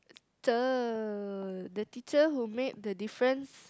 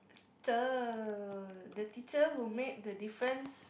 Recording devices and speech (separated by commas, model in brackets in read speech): close-talking microphone, boundary microphone, conversation in the same room